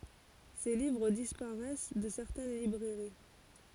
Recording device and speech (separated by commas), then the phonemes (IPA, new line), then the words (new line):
forehead accelerometer, read sentence
se livʁ dispaʁɛs də sɛʁtɛn libʁɛʁi
Ses livres disparaissent de certaines librairies.